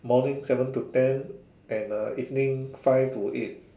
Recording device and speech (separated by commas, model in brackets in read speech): standing microphone, conversation in separate rooms